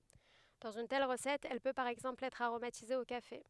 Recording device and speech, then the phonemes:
headset microphone, read sentence
dɑ̃z yn tɛl ʁəsɛt ɛl pø paʁ ɛɡzɑ̃pl ɛtʁ aʁomatize o kafe

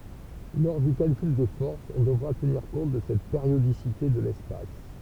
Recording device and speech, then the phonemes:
temple vibration pickup, read sentence
lɔʁ dy kalkyl de fɔʁsz ɔ̃ dəvʁa təniʁ kɔ̃t də sɛt peʁjodisite də lɛspas

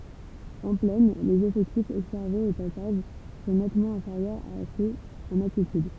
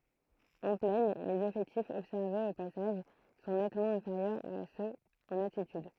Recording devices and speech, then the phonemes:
temple vibration pickup, throat microphone, read sentence
ɑ̃ plɛn lez efɛktifz ɔbsɛʁvez o pasaʒ sɔ̃ nɛtmɑ̃ ɛ̃feʁjœʁz a søz ɑ̃n altityd

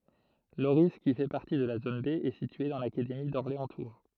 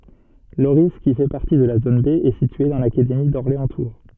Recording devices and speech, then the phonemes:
throat microphone, soft in-ear microphone, read sentence
loʁi ki fɛ paʁti də la zon be ɛ sitye dɑ̃ lakademi dɔʁleɑ̃stuʁ

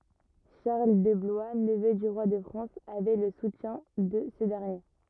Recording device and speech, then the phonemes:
rigid in-ear microphone, read sentence
ʃaʁl də blwa nəvø dy ʁwa də fʁɑ̃s avɛ lə sutjɛ̃ də sə dɛʁnje

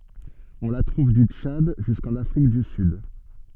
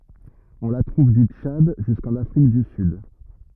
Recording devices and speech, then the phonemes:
soft in-ear microphone, rigid in-ear microphone, read sentence
ɔ̃ la tʁuv dy tʃad ʒyskɑ̃n afʁik dy syd

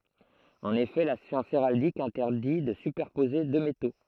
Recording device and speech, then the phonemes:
throat microphone, read sentence
ɑ̃n efɛ la sjɑ̃s eʁaldik ɛ̃tɛʁdi də sypɛʁpoze dø meto

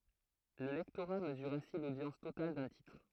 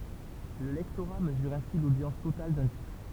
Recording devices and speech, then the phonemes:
throat microphone, temple vibration pickup, read sentence
lə lɛktoʁa məzyʁ ɛ̃si lodjɑ̃s total dœ̃ titʁ

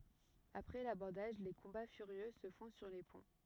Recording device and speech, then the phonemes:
rigid in-ear microphone, read sentence
apʁɛ labɔʁdaʒ le kɔ̃ba fyʁjø sə fɔ̃ syʁ le pɔ̃

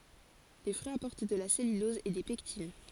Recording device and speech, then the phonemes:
forehead accelerometer, read sentence
le fʁyiz apɔʁt də la sɛlylɔz e de pɛktin

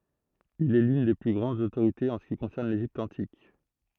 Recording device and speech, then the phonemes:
throat microphone, read sentence
il ɛ lyn de ply ɡʁɑ̃dz otoʁitez ɑ̃ sə ki kɔ̃sɛʁn leʒipt ɑ̃tik

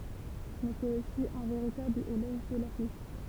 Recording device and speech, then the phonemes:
temple vibration pickup, read sentence
mɛ sɛt osi œ̃ veʁitabl elɔʒ də la fyit

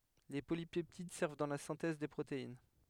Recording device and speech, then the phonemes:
headset microphone, read sentence
le polipɛptid sɛʁv dɑ̃ la sɛ̃tɛz de pʁotein

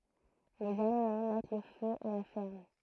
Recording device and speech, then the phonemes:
throat microphone, read sentence
lez almɑ̃ mɛt lə fø a la fɛʁm

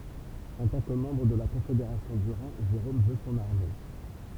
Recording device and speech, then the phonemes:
temple vibration pickup, read sentence
ɑ̃ tɑ̃ kə mɑ̃bʁ də la kɔ̃fedeʁasjɔ̃ dy ʁɛ̃ ʒeʁom vø sɔ̃n aʁme

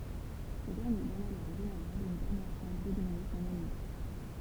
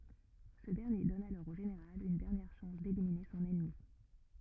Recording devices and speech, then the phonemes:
temple vibration pickup, rigid in-ear microphone, read sentence
sə dɛʁnje dɔn alɔʁ o ʒeneʁal yn dɛʁnjɛʁ ʃɑ̃s delimine sɔ̃n ɛnmi

